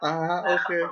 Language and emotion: Thai, neutral